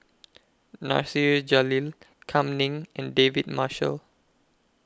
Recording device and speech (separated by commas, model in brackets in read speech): close-talking microphone (WH20), read sentence